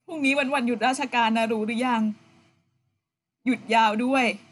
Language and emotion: Thai, sad